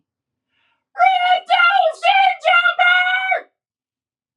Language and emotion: English, neutral